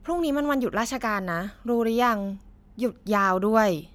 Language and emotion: Thai, frustrated